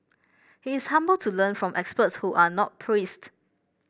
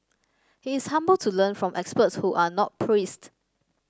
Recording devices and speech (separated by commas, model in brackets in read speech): boundary microphone (BM630), standing microphone (AKG C214), read sentence